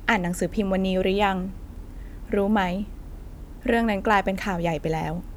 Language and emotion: Thai, neutral